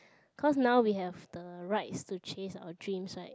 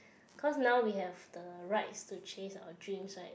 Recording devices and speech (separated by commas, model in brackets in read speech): close-talking microphone, boundary microphone, conversation in the same room